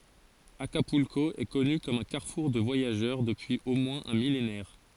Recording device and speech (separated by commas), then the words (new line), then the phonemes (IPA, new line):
forehead accelerometer, read sentence
Acapulco est connu comme un carrefour de voyageurs depuis au moins un millénaire.
akapylko ɛ kɔny kɔm œ̃ kaʁfuʁ də vwajaʒœʁ dəpyiz o mwɛ̃z œ̃ milenɛʁ